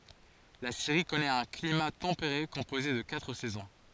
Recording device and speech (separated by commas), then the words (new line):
forehead accelerometer, read sentence
La Syrie connaît un climat tempéré composé de quatre saisons.